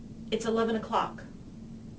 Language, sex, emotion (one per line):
English
female
neutral